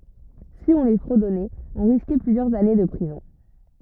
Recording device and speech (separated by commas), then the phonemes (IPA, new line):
rigid in-ear microphone, read sentence
si ɔ̃ le fʁədɔnɛt ɔ̃ ʁiskɛ plyzjœʁz ane də pʁizɔ̃